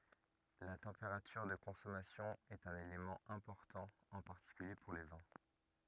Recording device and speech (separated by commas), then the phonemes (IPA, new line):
rigid in-ear microphone, read sentence
la tɑ̃peʁatyʁ də kɔ̃sɔmasjɔ̃ ɛt œ̃n elemɑ̃ ɛ̃pɔʁtɑ̃ ɑ̃ paʁtikylje puʁ le vɛ̃